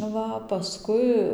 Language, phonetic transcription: Lithuanian, ˈva paˈskui

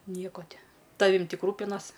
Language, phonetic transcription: Lithuanian, ˈnieko ˈti ˈtavim ˈtik ˈrūpinas

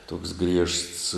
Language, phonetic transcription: Lithuanian, toks griežts

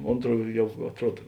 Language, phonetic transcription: Lithuanian, ˈontˌruo ˈjau atˈruod

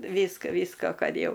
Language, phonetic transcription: Lithuanian, ˈvyska ˈvysko ˈkad ˈjau

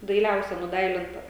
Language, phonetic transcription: Lithuanian, daiˈliausia nuˈdailinta

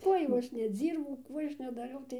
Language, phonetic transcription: Lithuanian, ˈkuoj jau ˈaš neˈdzyrbau ˈkų ˈaš nedaˈriau tai

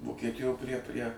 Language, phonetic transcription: Lithuanian, vokieˈtijo prie prie

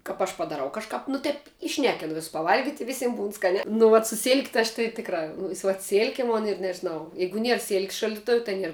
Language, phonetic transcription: Lithuanian, kap ˈaš padaˈrau kažˈkap nu ˈtep įˈšnekinu viss pavˈalgit' i ˈvisim būn ˈskaniā nu vat su silk' tɨ aš tɨ ˈtikˌrā ˈnu si vat ˈsilke ˈmon ir nežiˈnau ˈjeigu ˈnier silk's' šaldiˈtuv' ta ˈnier

